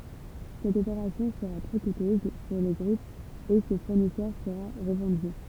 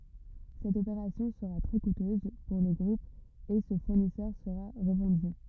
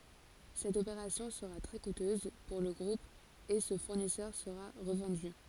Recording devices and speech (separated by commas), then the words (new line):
temple vibration pickup, rigid in-ear microphone, forehead accelerometer, read sentence
Cette opération sera très coûteuse pour le groupe et ce fournisseur sera revendu.